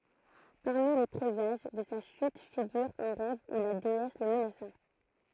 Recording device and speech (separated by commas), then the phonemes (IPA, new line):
throat microphone, read sentence
paʁmi le pʁezaʒ də sa ʃyt fiɡyʁ œ̃ ʁɛv u la deɛs lə mənasa